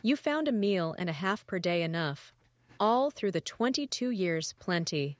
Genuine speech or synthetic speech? synthetic